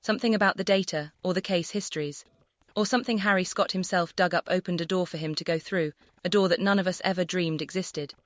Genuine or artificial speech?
artificial